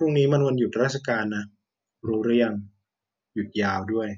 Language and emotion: Thai, frustrated